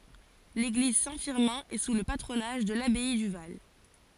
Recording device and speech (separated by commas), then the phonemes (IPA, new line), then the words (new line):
forehead accelerometer, read sentence
leɡliz sɛ̃ fiʁmɛ̃ ɛ su lə patʁonaʒ də labɛi dy val
L'église Saint-Firmin est sous le patronage de l'abbaye du Val.